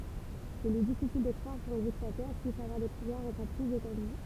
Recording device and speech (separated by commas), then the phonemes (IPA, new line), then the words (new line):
temple vibration pickup, read sentence
il ɛ difisil də kʁwaʁ kœ̃ diktatœʁ pyis avwaʁ de puvwaʁz ɑ̃kɔʁ plyz etɑ̃dy
Il est difficile de croire qu'un dictateur puisse avoir des pouvoirs encore plus étendus.